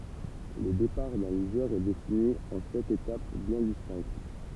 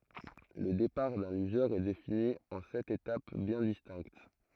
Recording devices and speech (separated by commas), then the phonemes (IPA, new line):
temple vibration pickup, throat microphone, read sentence
lə depaʁ dœ̃ lyʒœʁ ɛ defini ɑ̃ sɛt etap bjɛ̃ distɛ̃kt